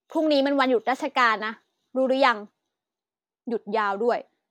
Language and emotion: Thai, frustrated